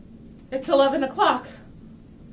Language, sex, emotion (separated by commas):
English, female, fearful